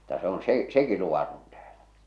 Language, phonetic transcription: Finnish, ᴍᴜtta se on 'sè , "seki luvaton tääʟᴀ̈ .
- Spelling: mutta se on se sekin luvaton täällä

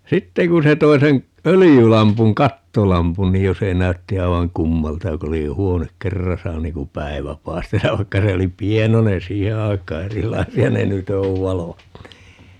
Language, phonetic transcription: Finnish, "sitteŋ kun̬ se 'toi sen , "ölijylampuŋ - "kattolampun ni 'jo se 'näytti 'ai̮vaŋ "kummalta 'jo ku 'oli 'huonek "kerrasa 'niin kum "päi̮vä 'pai̮stas ja 'vaikka se 'oli "pienonen "siihe 'aik̆kaa - "erilaisi₍a ne "nyt ‿ov 'valot (nii) .
- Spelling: sitten kun se toi sen öljylampun kattolampun niin jo se näytti aivan kummalta jo kun oli huone kerrassa niin kuin päivä paistaisi ja vaikka se oli pienoinen siihen aikaan erilaisia ne nyt on valot niin

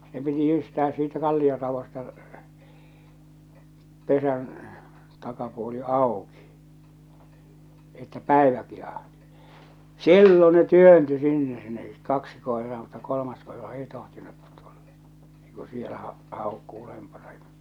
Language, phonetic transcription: Finnish, se piti 'jyystää siitä 'kallioravosta , 'pesän , takapuoli "àoki , että "pä̀evä pihahtɪ , "sillo ne "työnty sinne ne , 'kaksi koeraa mutta 'kolomas koera 'ei 'tohtinut tᴜʟʟᴀ , 'ei ku sielä ha- 'hàokku 'ulempana ᴊᴀ .
- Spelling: se piti jyystää siitä kallioraosta pesän takapuoli auki että päivä pihahti silloin ne työntyi sinne ne kaksi koiraa mutta kolmas koira ei tohtinut tulla ei kun siellä - haukkui ulompana ja

